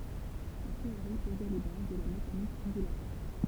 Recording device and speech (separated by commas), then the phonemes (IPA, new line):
temple vibration pickup, read sentence
sɛt teoʁi pozɛ le baz də la mekanik ɔ̃dylatwaʁ